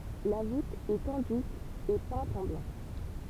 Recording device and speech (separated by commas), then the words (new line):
temple vibration pickup, read sentence
La voûte est enduite et peinte en blanc.